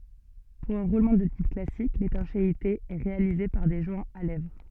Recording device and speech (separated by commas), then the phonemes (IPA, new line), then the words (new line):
soft in-ear microphone, read sentence
puʁ œ̃ ʁulmɑ̃ də tip klasik letɑ̃ʃeite ɛ ʁealize paʁ de ʒwɛ̃z a lɛvʁ
Pour un roulement de type classique, l'étanchéité est réalisée par des joints à lèvres.